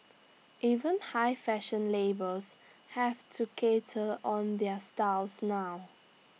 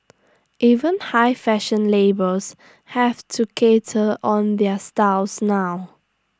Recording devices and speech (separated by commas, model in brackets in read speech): mobile phone (iPhone 6), standing microphone (AKG C214), read sentence